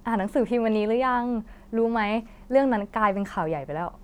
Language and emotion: Thai, happy